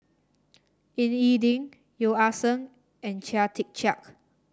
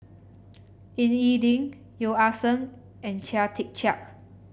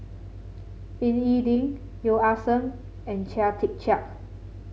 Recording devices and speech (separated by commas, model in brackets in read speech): standing microphone (AKG C214), boundary microphone (BM630), mobile phone (Samsung C7), read sentence